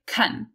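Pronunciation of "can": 'can' is reduced: its vowel is a schwa, not the full vowel heard in 'a can of tomatoes'.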